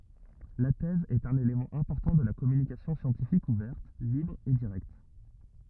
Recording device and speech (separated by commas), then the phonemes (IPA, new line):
rigid in-ear microphone, read sentence
la tɛz ɛt œ̃n elemɑ̃ ɛ̃pɔʁtɑ̃ də la kɔmynikasjɔ̃ sjɑ̃tifik uvɛʁt libʁ e diʁɛkt